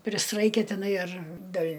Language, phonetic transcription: Lithuanian, prisˈraikia tiˈnai ar dėl'

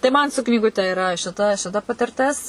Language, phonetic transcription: Lithuanian, tai ˈman su knyguˈte iˈra šiˈta šiˈta patirˈtis

